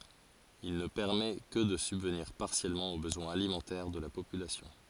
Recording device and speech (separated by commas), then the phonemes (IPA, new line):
forehead accelerometer, read sentence
il nə pɛʁmɛ kə də sybvniʁ paʁsjɛlmɑ̃ o bəzwɛ̃z alimɑ̃tɛʁ də la popylasjɔ̃